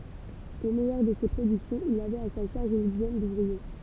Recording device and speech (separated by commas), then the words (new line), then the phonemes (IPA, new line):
temple vibration pickup, read sentence
Au meilleur de ses productions, il avait à sa charge une dizaine d’ouvriers.
o mɛjœʁ də se pʁodyksjɔ̃z il avɛt a sa ʃaʁʒ yn dizɛn duvʁie